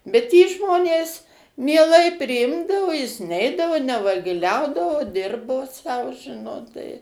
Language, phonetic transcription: Lithuanian, bet jį ˈžmonės mieˈlai priˈimdavo jis ˈneidavo nevagiˈliaudavo ˈdirbo sau ˈžinot tai

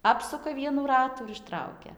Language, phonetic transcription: Lithuanian, ˈapsuka ˈvienų ˈratų ir išˈtraukia

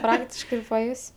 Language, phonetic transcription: Lithuanian, ˈpraktiškai ir paˈjus'

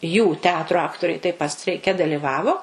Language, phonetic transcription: Lithuanian, jų ˈteatru ˈaktoriai taip pat streiˈke daliˈvavo

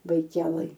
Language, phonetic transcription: Lithuanian, baiˈkelɘj

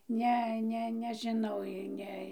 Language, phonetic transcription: Lithuanian, ˈne ˈne nežiˈnau i ˈne

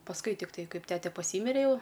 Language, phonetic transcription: Lithuanian, pasˈkui tikˈtai ˈkaip ˈtete paˈsymire jau

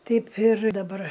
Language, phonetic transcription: Lithuanian, ˈteip ir daˈbar

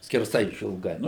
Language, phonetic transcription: Lithuanian, skerˈsai išilˈgai

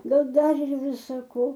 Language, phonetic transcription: Lithuanian, ˈgal ˈdar ir ˈvisa ˈko

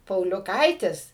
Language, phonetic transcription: Lithuanian, pauliuˈkaitis

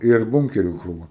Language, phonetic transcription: Lithuanian, ir ˈbunkerių krūˈva

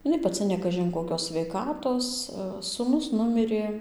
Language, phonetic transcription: Lithuanian, iˈnai paˈci jau ne ˈkažin koˈkios sveiˈkatos suˈnus ˈnumirė

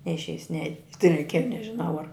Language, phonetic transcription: Lithuanian, neišˈeis ne tai reiˈkieja nežiˈnau ar

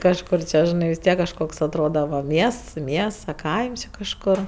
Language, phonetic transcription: Lithuanian, kažˈkur čia žiˈnai vis ˈtiek kažˈkoks atˈroda va ˈmiests ˈmiests a ˈkaims jau kažˈkor

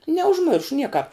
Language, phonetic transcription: Lithuanian, neužˈmiršu ˈniekāp

